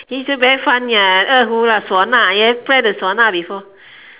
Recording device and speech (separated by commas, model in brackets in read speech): telephone, conversation in separate rooms